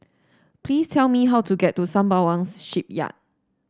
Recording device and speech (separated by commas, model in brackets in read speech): standing microphone (AKG C214), read sentence